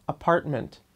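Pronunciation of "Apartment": In 'apartment', the t before 'ment' almost disappears; the t is nearly said but not quite, so there is really no t sound there.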